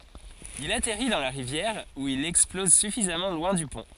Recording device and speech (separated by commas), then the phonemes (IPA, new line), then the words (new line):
forehead accelerometer, read sentence
il atɛʁi dɑ̃ la ʁivjɛʁ u il ɛksplɔz syfizamɑ̃ lwɛ̃ dy pɔ̃
Il atterrit dans la rivière où il explose suffisamment loin du pont.